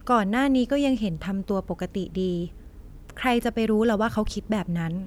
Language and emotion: Thai, neutral